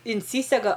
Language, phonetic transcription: Lithuanian, inˈsysega

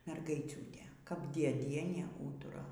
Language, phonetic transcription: Lithuanian, mergaiˈciūtė kap dieˈdienė ˈūtura

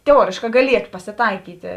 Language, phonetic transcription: Lithuanian, teˈuorėškā gaˈlieto pasiˈtaikytė

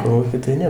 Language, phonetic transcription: Lithuanian, ˈkolūky tai ˈne

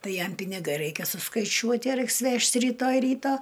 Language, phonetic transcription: Lithuanian, ˈtai ˈjam piniˈgai ˈraikia suskaiˈčiuoti ˈraiks ˈvežt ryˈtoj ˈryta

